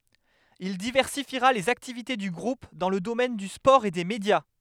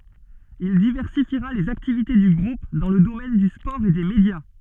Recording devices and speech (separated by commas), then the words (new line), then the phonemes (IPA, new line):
headset microphone, soft in-ear microphone, read sentence
Il diversifiera les activités du groupe dans le domaine du sport et des médias.
il divɛʁsifiʁa lez aktivite dy ɡʁup dɑ̃ lə domɛn dy spɔʁ e de medja